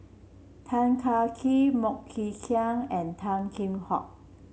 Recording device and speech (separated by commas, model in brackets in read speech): mobile phone (Samsung C7), read sentence